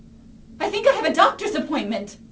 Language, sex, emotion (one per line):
English
female
fearful